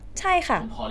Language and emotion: Thai, frustrated